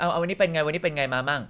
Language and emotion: Thai, neutral